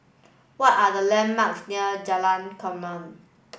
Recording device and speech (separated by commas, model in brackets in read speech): boundary microphone (BM630), read sentence